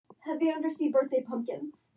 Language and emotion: English, fearful